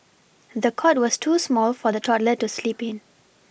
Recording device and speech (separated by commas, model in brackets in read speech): boundary microphone (BM630), read sentence